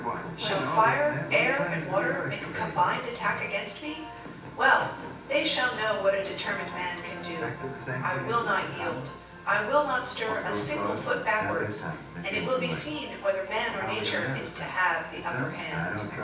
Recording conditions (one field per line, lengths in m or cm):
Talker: one person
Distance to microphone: 9.8 m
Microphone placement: far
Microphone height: 1.8 m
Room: large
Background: television